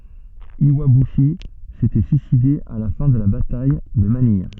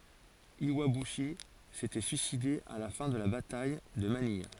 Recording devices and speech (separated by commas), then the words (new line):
soft in-ear microphone, forehead accelerometer, read sentence
Iwabuchi s'était suicidé à la fin de la bataille de Manille.